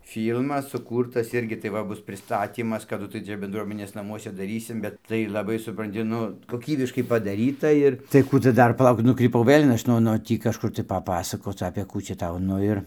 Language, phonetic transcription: Lithuanian, ˈfylmas suˈkūrtas ˈirgi tai ˈva ˈbus priˈstatymas kaˈdu tai ˈčia bendˈruomenės naˈmuose daˈrysim ˈbet ˈtai laˈbai supranˈti ˈnu koˈkybiškai padaˈryta ir tai ˈkų tu ˈdar paˈlauk nukryˈpau ˈvɘl' ˈaš no no ˈtį kažˈkur tai paˈpasakoc apė ˈkų čia ˈtau ˈnu ir

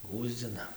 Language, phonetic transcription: Lithuanian, ˈgųsdzina

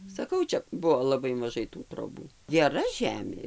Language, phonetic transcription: Lithuanian, saˈkau ˈčia ˈbuvo laˈbai maˈžai tų troˈbų geˈra ˈžemė

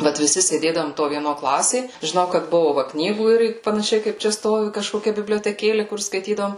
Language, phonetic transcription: Lithuanian, ˈvat viˈsi sėˈdėdavom to vieˈno ˈklasė žiˈnau kad ˈbuvu va ˈknygų ˈir panaˈšiai kaip ˈčia ˈstovi kažkoˈkia biblioteˈkėli kur skaiˈtydavom

